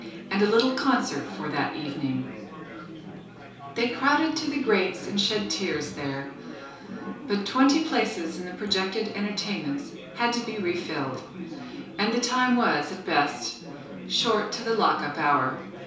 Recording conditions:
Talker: one person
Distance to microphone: 3.0 m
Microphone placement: far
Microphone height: 1.8 m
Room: small (3.7 m by 2.7 m)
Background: babble

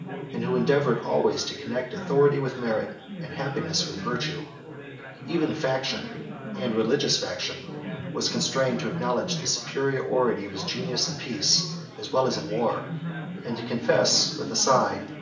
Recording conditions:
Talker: one person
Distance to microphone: 1.8 m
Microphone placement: close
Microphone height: 1.0 m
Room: large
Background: babble

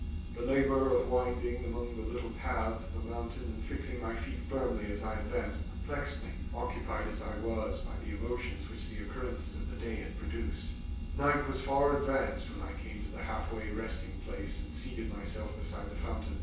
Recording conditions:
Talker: one person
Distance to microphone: 9.8 m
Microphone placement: far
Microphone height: 1.8 m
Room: large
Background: none

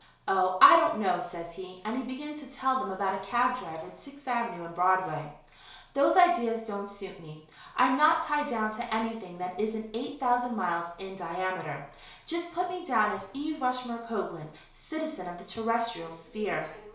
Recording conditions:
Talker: one person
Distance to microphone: 1.0 m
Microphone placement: close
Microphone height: 1.1 m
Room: small (3.7 m by 2.7 m)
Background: television

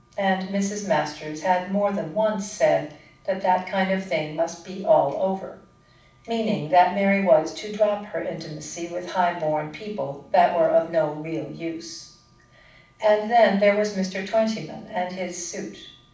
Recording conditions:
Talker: one person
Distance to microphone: 5.8 m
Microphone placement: far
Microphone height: 1.8 m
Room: medium-sized (5.7 m by 4.0 m)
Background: none

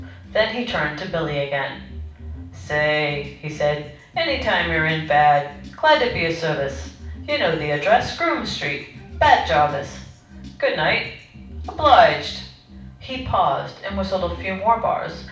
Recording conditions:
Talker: one person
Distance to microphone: 5.8 m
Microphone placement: far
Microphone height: 1.8 m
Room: medium-sized (5.7 m by 4.0 m)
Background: music

